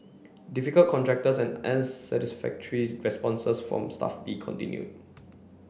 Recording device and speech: boundary microphone (BM630), read sentence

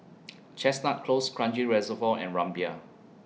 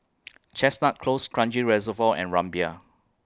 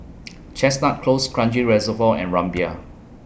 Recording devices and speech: mobile phone (iPhone 6), close-talking microphone (WH20), boundary microphone (BM630), read sentence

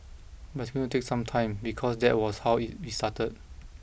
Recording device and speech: boundary microphone (BM630), read sentence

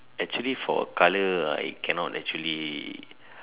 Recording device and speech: telephone, conversation in separate rooms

